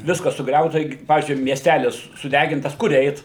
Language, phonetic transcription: Lithuanian, ˈviskas suˈgriauta ˈiki ˈpavyzdžiui miesˈtælis suˈdægintas ˈkur ˈeit

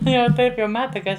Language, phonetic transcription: Lithuanian, ˈtai jau ˈtaip jau ˈmata ka ˈaš

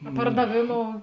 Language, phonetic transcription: Lithuanian, a pardaˈvėˌmou

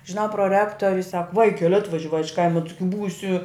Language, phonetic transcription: Lithuanian, žiˈnau proˈrektorius sak ˈvaikel' ˈatvažiavai iš ˈkaima ˈtɨgi ˈbūsi

